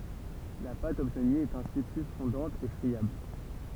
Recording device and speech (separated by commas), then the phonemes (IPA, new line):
temple vibration pickup, read sentence
la pat ɔbtny ɛt ɛ̃si ply fɔ̃dɑ̃t e fʁiabl